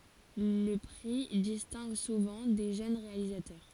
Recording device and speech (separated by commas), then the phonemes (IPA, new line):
forehead accelerometer, read sentence
lə pʁi distɛ̃ɡ suvɑ̃ de ʒøn ʁealizatœʁ